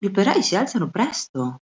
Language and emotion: Italian, surprised